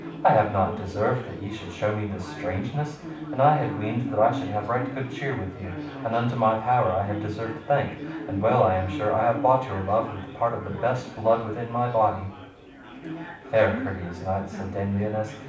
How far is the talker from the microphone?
5.8 m.